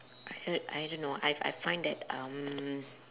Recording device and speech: telephone, conversation in separate rooms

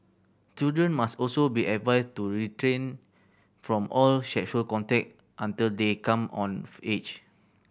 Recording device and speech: boundary microphone (BM630), read sentence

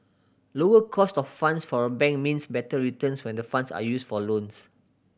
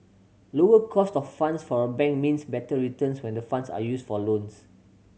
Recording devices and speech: boundary microphone (BM630), mobile phone (Samsung C7100), read sentence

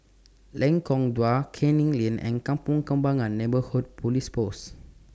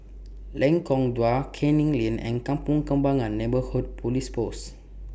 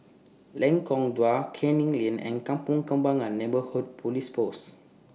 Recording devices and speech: standing microphone (AKG C214), boundary microphone (BM630), mobile phone (iPhone 6), read sentence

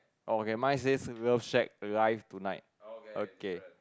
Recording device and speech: close-talking microphone, conversation in the same room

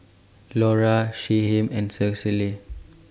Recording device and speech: standing microphone (AKG C214), read sentence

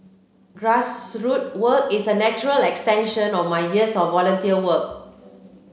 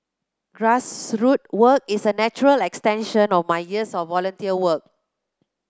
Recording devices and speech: mobile phone (Samsung C7), close-talking microphone (WH30), read sentence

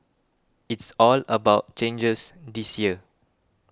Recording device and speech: close-talking microphone (WH20), read sentence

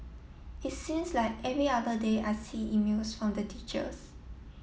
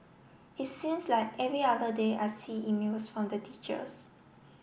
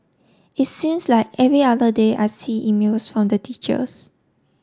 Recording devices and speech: mobile phone (iPhone 7), boundary microphone (BM630), standing microphone (AKG C214), read sentence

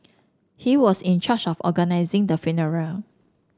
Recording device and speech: standing microphone (AKG C214), read sentence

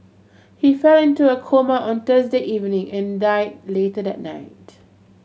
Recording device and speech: mobile phone (Samsung C7100), read sentence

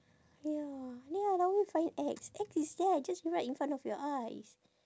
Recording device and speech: standing microphone, conversation in separate rooms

